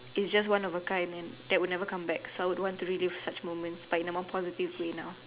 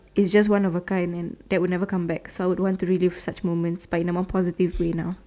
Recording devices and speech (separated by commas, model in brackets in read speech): telephone, standing microphone, conversation in separate rooms